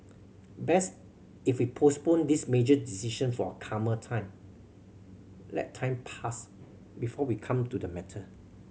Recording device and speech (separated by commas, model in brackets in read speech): mobile phone (Samsung C7100), read sentence